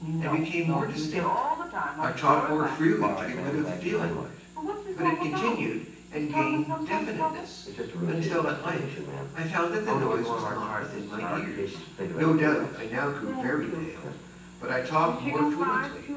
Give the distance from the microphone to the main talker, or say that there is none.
9.8 m.